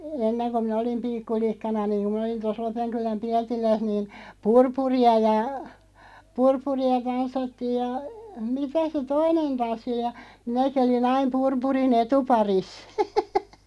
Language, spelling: Finnish, ennen kun minä olin pikkulikkana niin kun minä olin tuossa Lopenkylän Pietilässä niin purpuria ja purpuria tanssittiin ja mitä se toinen tanssi oli ja minäkin olin aina purpurin etuparissa
- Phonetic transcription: enneŋ ko minᵃ̈ olim 'pikkulikkana niiᵑ ku (minä olin) tos 'Lopeŋkuläm "Piätiläs niin̬ , "purpuri₍a ja , 'purpuri₍a 'tanssattiij ja , 'mitä se "toinen 'tanssi (oli) ja , 'minäki oli"n ‿aim 'purpuri"n ‿etu'paris .

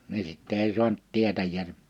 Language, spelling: Finnish, niin sitten ei saanut tietäjää
- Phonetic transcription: ni 'sitt ‿èi 'suant 'tietäjj(ää- -) ,.

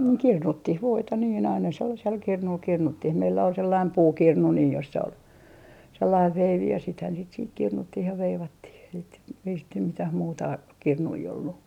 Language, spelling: Finnish, no kirnuttiin voita niin aina sellaisella kirnulla kirnuttiin meillä oli sellainen puukirnu niin jossa oli sellainen veivi ja sitähän sitten siihen kirnuttiin ja veivattiin sitten mitään muuta kirnuja ollut
- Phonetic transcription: no "kirnuttih 'voita niin aina 'sellasel 'kirnul 'kirnuttih 'meillä ol 'sellaim "puukirnu nii jossa ol , 'sellaiv "veivi ja sithän sit siih 'kirnuttih ja 'veivattih sit mitäh muuta , 'kirnui ollu .

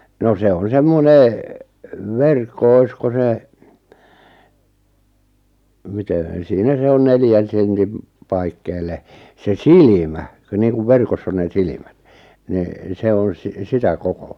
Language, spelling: Finnish, no se on semmoinen verkko olisiko se miten siinä se on neljän sentin paikkeille se silmä kun niin kuin verkossa on ne silmät niin se on - sitä kokoa
- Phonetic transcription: 'no 'se on "semmone , "verkko 'oisko 'se , mite , 'siinä 'se on 'neljän̬ sentim , 'paikkeel̆le , 'se "silimä , ku niiŋkuv 'verkoss ‿on 'nè "silimät , ni , 'se on si- 'sitä 'kokᴏ[a] .

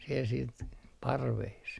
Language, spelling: Finnish, siellä sitten parvessa
- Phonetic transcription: siel siit , 'parvees .

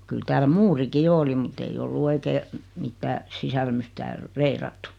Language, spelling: Finnish, kyllä täällä muurikin jo oli mutta ei ollut oikein mitään sisälmys täällä reilattu
- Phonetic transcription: 'kyl tääl "muuriki 'jo oli mut ‿ei 'ollu 'oikee , 'mittää , 'sisälmys tääl , "reirattu .

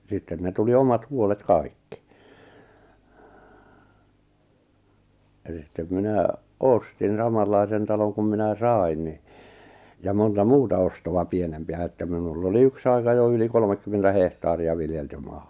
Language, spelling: Finnish, sitten ne tuli omat huolet kaikki eli sitten minä ostin samanlaisen talon kun minä sain niin ja monta muuta ostoa pienempiä että minulla oli yksi aika jo yli kolmekymmentä hehtaaria viljeltyä maata
- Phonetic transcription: 'sitten ne tuli 'omat 'huolet "kaikkɪ , elis sittem 'minä , "ostin 'samallaisen taloŋ kum minä "sài̬n ni , ja 'monta "muuta ostowa 'pienempⁱä että minull ‿oli "yks aika jo yli 'kolᵒmekkymmentä 'hehtaari₍a viljeltyy 'ᴍᴀᴀ .

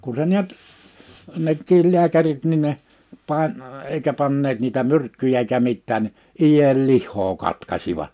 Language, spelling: Finnish, kun se näet nekin lääkärit niin ne - eikä panneet niitä myrkkyjä eikä mitään niin ienlihaa katkaisivat
- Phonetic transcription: kun se 'niät , 'nekkiil 'liäkärit nin ne , 'pae- , 'eikä panneet niitä 'myrkkyjä ᵉikä 'mittään (ni) , 'ijellihhoo 'katkasiva[t] .

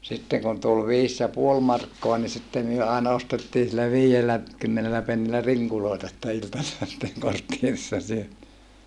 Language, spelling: Finnish, sitten kun tuli viisi ja puoli markkaa niin sitten me aina ostettiin sillä viidellä kymmenellä pennillä rinkuloita sitten iltasella sitten kortteerissa syötiin
- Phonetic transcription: sitteŋ kun tul viis ja puol markkoa ni sitte myö àena ostettiin sillä vii₍ellä , kymmenelä pennilä riŋkulòeta sitte iltasella sitteŋ korttierissa syötii .

